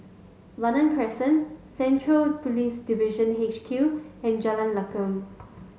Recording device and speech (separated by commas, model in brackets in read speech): mobile phone (Samsung S8), read sentence